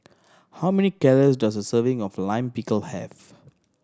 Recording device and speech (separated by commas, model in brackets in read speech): standing microphone (AKG C214), read sentence